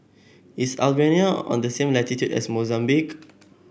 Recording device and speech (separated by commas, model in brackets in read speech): boundary microphone (BM630), read sentence